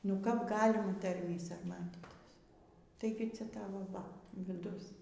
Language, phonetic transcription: Lithuanian, nu kap ˈgalima ˈtarmį sarˈmatytis taiˈgi ˈcia ˈtavo ˈva viˈdus

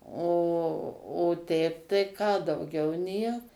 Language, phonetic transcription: Lithuanian, o o ˈteip tai ką dauˈgiau ˈniek

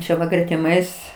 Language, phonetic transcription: Lithuanian, ˈčia va gretiˈmais

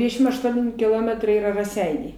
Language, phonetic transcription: Lithuanian, ˈdvidešim ašˈtuoni kiˈlometrai ˈyra raˈseiniai

